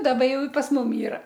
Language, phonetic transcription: Lithuanian, ˈdaba ˈjau i pas ˈmum ˈyra

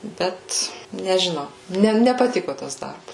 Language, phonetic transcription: Lithuanian, ˈbet nežiˈnau ˈne nepaˈtiko ˈtas ˈdarbas

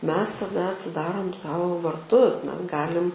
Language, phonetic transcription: Lithuanian, ˈmes taˈda atsiˈdarom ˈsau varˈtus ˈmes ˈgalim

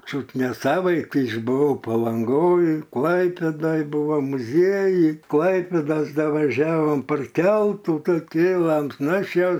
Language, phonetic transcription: Lithuanian, ˈčiut ne ˈsavaiti išbuˈvau palanˈgoj ˈklaipėdoj buˈvo muˈziejuj ˈklaipėdos ˈda vaˈžiavom par ˈkeltu ˈtų ˈkėlam ˈnu ˈaš jau

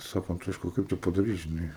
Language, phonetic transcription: Lithuanian, ˈsako anˈtoška ˈkaip te padaˈryt žiˈnai

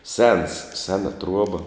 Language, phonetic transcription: Lithuanian, sens ˈsena ˈtruoba

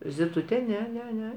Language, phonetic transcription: Lithuanian, ziˈtute ˈne ˈne ˈne

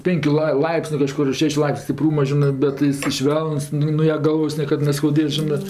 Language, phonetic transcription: Lithuanian, ˈpėnkiu lai ˈlaipsniu kaˈžkur ˈšešiu ˈlaipsniu stiˈprūma ˈžinɜ ˈbet iˈsai ˈšvelnus ˈnu nuo ja ˈgalvos ˈniekad neskauˈdės ˈžinɜ

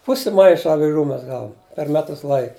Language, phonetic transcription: Lithuanian, ˈpusi ˈmaiša aviˈžų ˈmes ˈgavum per ˈmetus ˈlaik

